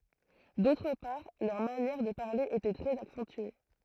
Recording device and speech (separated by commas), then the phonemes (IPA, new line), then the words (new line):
throat microphone, read sentence
dotʁ paʁ lœʁ manjɛʁ də paʁle etɛ tʁɛz aksɑ̃tye
D'autre part, leur manière de parler était très accentuée.